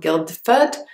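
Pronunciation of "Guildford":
'Guildford' is pronounced incorrectly here, with the d in the middle sounded.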